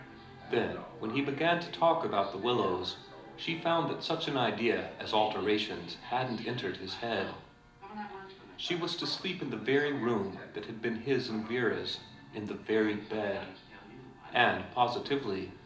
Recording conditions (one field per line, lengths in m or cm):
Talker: one person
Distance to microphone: 2.0 m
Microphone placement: close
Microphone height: 99 cm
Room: medium-sized (5.7 m by 4.0 m)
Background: television